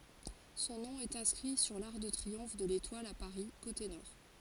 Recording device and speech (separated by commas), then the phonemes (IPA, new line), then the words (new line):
forehead accelerometer, read sentence
sɔ̃ nɔ̃ ɛt ɛ̃skʁi syʁ laʁk də tʁiɔ̃f də letwal a paʁi kote nɔʁ
Son nom est inscrit sur l'arc de triomphe de l'Étoile à Paris, côté Nord.